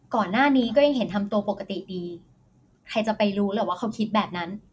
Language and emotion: Thai, frustrated